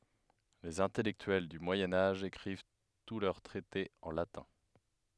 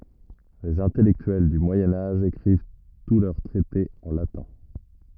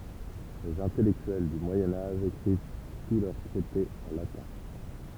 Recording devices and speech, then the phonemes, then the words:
headset microphone, rigid in-ear microphone, temple vibration pickup, read sentence
lez ɛ̃tɛlɛktyɛl dy mwajɛ̃ aʒ ekʁiv tu lœʁ tʁɛtez ɑ̃ latɛ̃
Les intellectuels du Moyen Âge écrivent tous leurs traités en latin.

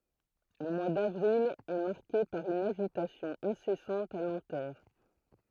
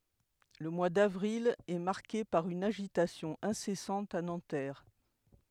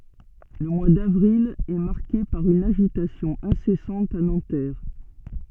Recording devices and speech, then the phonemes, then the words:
throat microphone, headset microphone, soft in-ear microphone, read sentence
lə mwa davʁil ɛ maʁke paʁ yn aʒitasjɔ̃ ɛ̃sɛsɑ̃t a nɑ̃tɛʁ
Le mois d'avril est marqué par une agitation incessante à Nanterre.

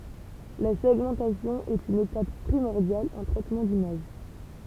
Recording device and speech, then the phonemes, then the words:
temple vibration pickup, read sentence
la sɛɡmɑ̃tasjɔ̃ ɛt yn etap pʁimɔʁdjal ɑ̃ tʁɛtmɑ̃ dimaʒ
La segmentation est une étape primordiale en traitement d'image.

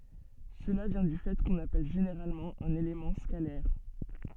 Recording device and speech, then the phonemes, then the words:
soft in-ear microphone, read sentence
səla vjɛ̃ dy fɛ kɔ̃n apɛl ʒeneʁalmɑ̃ œ̃n elemɑ̃ skalɛʁ
Cela vient du fait qu'on appelle généralement un élément scalaire.

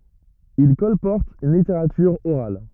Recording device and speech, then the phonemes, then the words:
rigid in-ear microphone, read sentence
il kɔlpɔʁtt yn liteʁatyʁ oʁal
Ils colportent une littérature orale.

